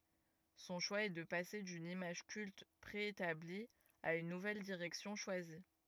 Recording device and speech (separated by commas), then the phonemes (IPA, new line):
rigid in-ear microphone, read sentence
sɔ̃ ʃwa ɛ də pase dyn imaʒ kylt pʁeetabli a yn nuvɛl diʁɛksjɔ̃ ʃwazi